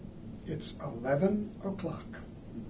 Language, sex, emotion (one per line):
English
male
neutral